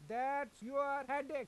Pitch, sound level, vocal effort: 280 Hz, 99 dB SPL, very loud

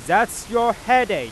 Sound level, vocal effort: 102 dB SPL, very loud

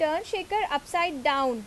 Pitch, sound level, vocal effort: 315 Hz, 88 dB SPL, loud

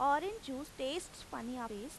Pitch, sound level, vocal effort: 270 Hz, 91 dB SPL, loud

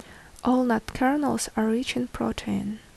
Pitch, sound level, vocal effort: 250 Hz, 71 dB SPL, soft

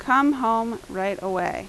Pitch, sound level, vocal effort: 225 Hz, 87 dB SPL, loud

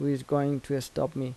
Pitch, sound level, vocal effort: 140 Hz, 81 dB SPL, soft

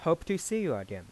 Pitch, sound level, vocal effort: 165 Hz, 90 dB SPL, soft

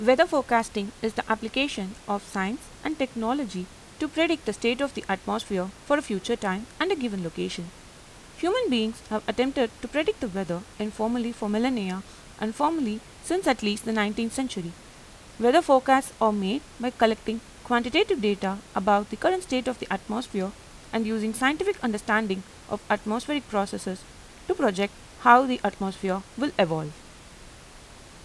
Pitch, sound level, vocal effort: 220 Hz, 85 dB SPL, normal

